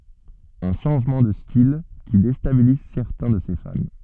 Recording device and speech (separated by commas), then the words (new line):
soft in-ear microphone, read sentence
Un changement de style qui déstabilise certains de ses fans.